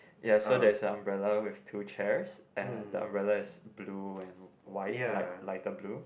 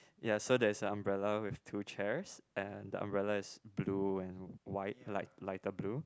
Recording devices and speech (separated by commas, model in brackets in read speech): boundary microphone, close-talking microphone, conversation in the same room